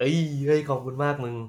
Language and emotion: Thai, happy